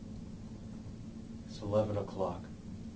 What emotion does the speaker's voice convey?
neutral